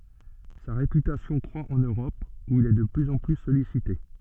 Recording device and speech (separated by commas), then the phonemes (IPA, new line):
soft in-ear microphone, read sentence
sa ʁepytasjɔ̃ kʁwa ɑ̃n øʁɔp u il ɛ də plyz ɑ̃ ply sɔlisite